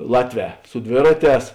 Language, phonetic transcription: Lithuanian, ˈlatˌvē su ˈdvėraˌtēs

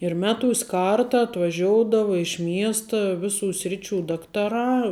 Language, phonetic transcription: Lithuanian, ir ˈmeˌtūs' ˈkarta atvaˈžioudava iš ˈmiesta ˈviˌsų ˈsriˌčių ˈdaktaˌrā

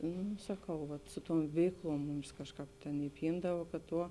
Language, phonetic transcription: Lithuanian, ˈnū saˈkau vat ˈsu ˌtuom ˈveikˌluom ˈmums ˈkažˌkāp ˈtėn iˈpyndava kad ˈtuo

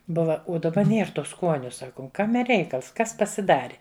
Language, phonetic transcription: Lithuanian, ˈbuva u daˈba ˈnier ˈtų ˈskuoniu ˈsakum ˈkame ˈreikals ˈkas pasiˈdari

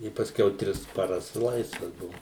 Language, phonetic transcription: Lithuanian, i pasˈkiau ˈtris paˈras ˈlaisvas ˈbuvu

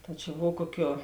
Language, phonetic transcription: Lithuanian, ta čia ˈbov ˈkuoˌkiuo

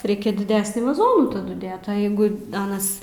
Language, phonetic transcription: Lithuanian, ˈreikia diˈdesnį vaˈzonų taˈdu ˈdėt o jeigu ˈanas

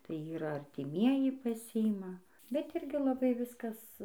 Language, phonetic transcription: Lithuanian, tai ˈyra artiˈmieji paˈsiima bet ˈirgi laˈbai ˈviskas

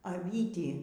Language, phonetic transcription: Lithuanian, aˈvytį

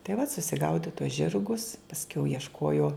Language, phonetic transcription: Lithuanian, tai vat susiˈgaudi tuos ˈžirgus pasˈkiau iešˈkuojuo

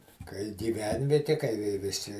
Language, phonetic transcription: Lithuanian, kai giˈvenvieti kai vi viˈsi

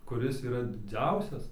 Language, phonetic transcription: Lithuanian, kuˈris yˈra diˈdziausias

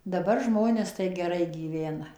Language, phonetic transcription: Lithuanian, daˈbar ˈžmonės tai geˈrai gyˈvena

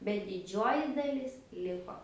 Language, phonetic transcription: Lithuanian, bet diˈdžioji daˈlis ˈliko

